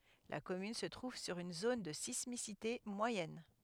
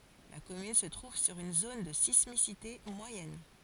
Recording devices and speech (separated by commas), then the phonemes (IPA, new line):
headset microphone, forehead accelerometer, read sentence
la kɔmyn sə tʁuv syʁ yn zon də sismisite mwajɛn